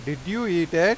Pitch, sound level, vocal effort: 170 Hz, 96 dB SPL, very loud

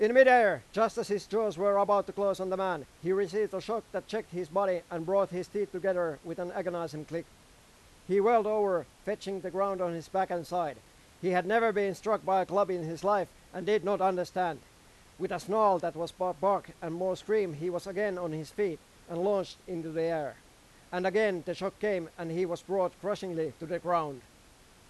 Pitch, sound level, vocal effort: 185 Hz, 99 dB SPL, very loud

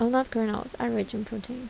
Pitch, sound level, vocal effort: 230 Hz, 76 dB SPL, soft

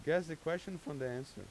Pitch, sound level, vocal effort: 145 Hz, 91 dB SPL, loud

